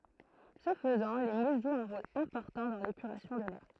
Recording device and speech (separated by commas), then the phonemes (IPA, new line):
throat microphone, read sentence
sə fəzɑ̃ le mus ʒwt œ̃ ʁol ɛ̃pɔʁtɑ̃ dɑ̃ lepyʁasjɔ̃ də lɛʁ